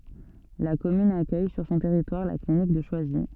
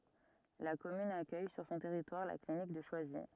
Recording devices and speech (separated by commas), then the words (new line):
soft in-ear microphone, rigid in-ear microphone, read sentence
La commune accueille sur son territoire la clinique de Choisy.